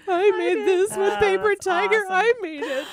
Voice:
gushing voice